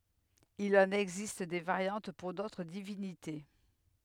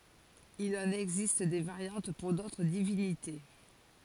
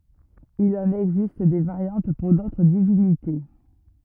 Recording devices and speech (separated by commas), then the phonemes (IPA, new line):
headset microphone, forehead accelerometer, rigid in-ear microphone, read sentence
il ɑ̃n ɛɡzist de vaʁjɑ̃t puʁ dotʁ divinite